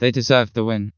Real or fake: fake